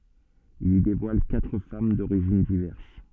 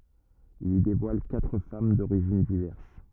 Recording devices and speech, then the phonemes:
soft in-ear microphone, rigid in-ear microphone, read sentence
il i devwal katʁ fam doʁiʒin divɛʁs

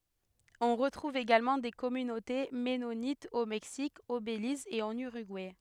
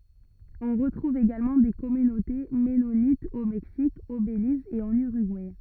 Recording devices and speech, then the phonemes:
headset microphone, rigid in-ear microphone, read sentence
ɔ̃ ʁətʁuv eɡalmɑ̃ de kɔmynote mɛnonitz o mɛksik o beliz e ɑ̃n yʁyɡuɛ

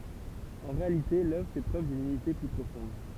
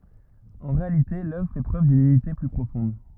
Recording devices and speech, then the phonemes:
temple vibration pickup, rigid in-ear microphone, read sentence
ɑ̃ ʁealite lœvʁ fɛ pʁøv dyn ynite ply pʁofɔ̃d

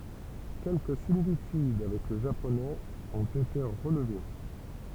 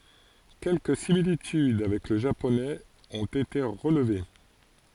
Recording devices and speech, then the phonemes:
temple vibration pickup, forehead accelerometer, read sentence
kɛlkə similityd avɛk lə ʒaponɛz ɔ̃t ete ʁəlve

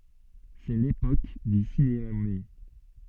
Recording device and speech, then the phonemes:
soft in-ear microphone, read sentence
sɛ lepok dy sinema myɛ

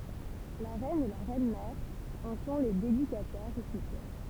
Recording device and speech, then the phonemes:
temple vibration pickup, read sentence
la ʁɛn e la ʁɛnmɛʁ ɑ̃ sɔ̃ le dedikatɛʁz ɔfisjɛl

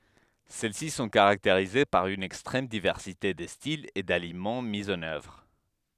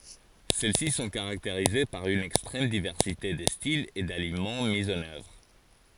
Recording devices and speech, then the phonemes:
headset microphone, forehead accelerometer, read sentence
sɛl si sɔ̃ kaʁakteʁize paʁ yn ɛkstʁɛm divɛʁsite də stilz e dalimɑ̃ mi ɑ̃n œvʁ

